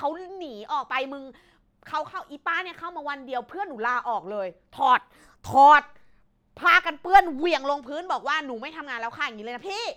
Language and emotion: Thai, angry